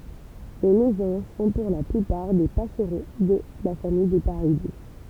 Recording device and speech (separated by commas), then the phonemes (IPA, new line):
temple vibration pickup, read sentence
le mezɑ̃ʒ sɔ̃ puʁ la plypaʁ de pasʁo də la famij de paʁide